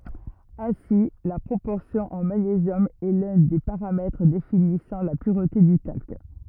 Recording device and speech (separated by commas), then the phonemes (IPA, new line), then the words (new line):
rigid in-ear microphone, read sentence
ɛ̃si la pʁopɔʁsjɔ̃ ɑ̃ maɲezjɔm ɛ lœ̃ de paʁamɛtʁ definisɑ̃ la pyʁte dy talk
Ainsi, la proportion en magnésium est l'un des paramètres définissant la pureté du talc.